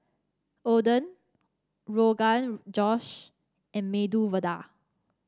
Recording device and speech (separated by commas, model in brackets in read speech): standing microphone (AKG C214), read sentence